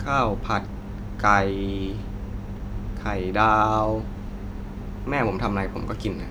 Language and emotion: Thai, neutral